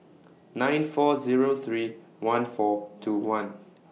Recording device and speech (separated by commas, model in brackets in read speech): mobile phone (iPhone 6), read sentence